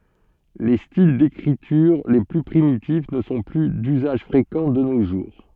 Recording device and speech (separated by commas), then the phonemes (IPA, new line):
soft in-ear microphone, read sentence
le stil dekʁityʁ le ply pʁimitif nə sɔ̃ ply dyzaʒ fʁekɑ̃ də no ʒuʁ